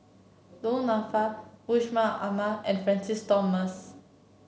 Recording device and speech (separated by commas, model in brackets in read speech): mobile phone (Samsung C7), read sentence